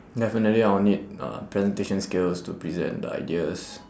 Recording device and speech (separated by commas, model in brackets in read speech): standing microphone, conversation in separate rooms